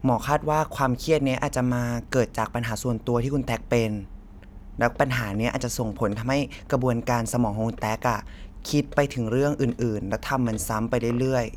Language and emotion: Thai, neutral